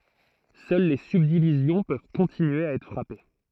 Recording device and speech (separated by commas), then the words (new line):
throat microphone, read sentence
Seules les subdivisions peuvent continuer à être frappées.